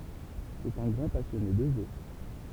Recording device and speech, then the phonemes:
temple vibration pickup, read sentence
sɛt œ̃ ɡʁɑ̃ pasjɔne də ʒø

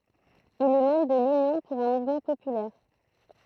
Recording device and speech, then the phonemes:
throat microphone, read sentence
il ɛ mɑ̃bʁ də lynjɔ̃ puʁ œ̃ muvmɑ̃ popylɛʁ

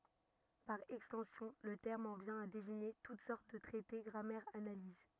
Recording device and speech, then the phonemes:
rigid in-ear microphone, read sentence
paʁ ɛkstɑ̃sjɔ̃ lə tɛʁm ɑ̃ vjɛ̃ a deziɲe tut sɔʁt də tʁɛte ɡʁamɛʁz analiz

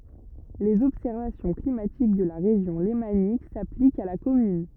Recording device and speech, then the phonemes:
rigid in-ear microphone, read sentence
lez ɔbsɛʁvasjɔ̃ klimatik də la ʁeʒjɔ̃ lemanik saplikt a la kɔmyn

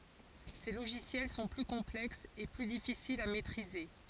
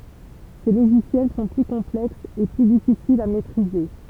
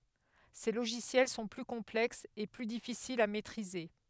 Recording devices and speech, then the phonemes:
forehead accelerometer, temple vibration pickup, headset microphone, read sentence
se loʒisjɛl sɔ̃ ply kɔ̃plɛksz e ply difisilz a mɛtʁize

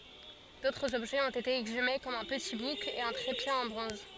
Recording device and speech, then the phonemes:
forehead accelerometer, read sentence
dotʁz ɔbʒɛz ɔ̃t ete ɛɡzyme kɔm œ̃ pəti buk e œ̃ tʁepje ɑ̃ bʁɔ̃z

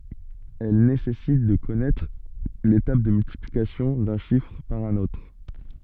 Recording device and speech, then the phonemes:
soft in-ear microphone, read sentence
ɛl nesɛsit də kɔnɛtʁ le tabl də myltiplikasjɔ̃ dœ̃ ʃifʁ paʁ œ̃n otʁ

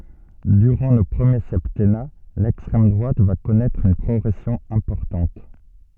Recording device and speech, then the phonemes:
soft in-ear microphone, read sentence
dyʁɑ̃ lə pʁəmje sɛptɛna lɛkstʁɛm dʁwat va kɔnɛtʁ yn pʁɔɡʁɛsjɔ̃ ɛ̃pɔʁtɑ̃t

